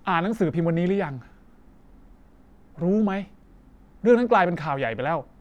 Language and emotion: Thai, frustrated